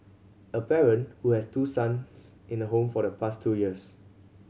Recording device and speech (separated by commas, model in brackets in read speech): mobile phone (Samsung C7100), read sentence